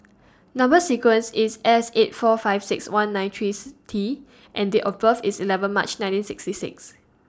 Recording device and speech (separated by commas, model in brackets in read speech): standing microphone (AKG C214), read sentence